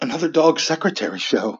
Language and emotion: English, fearful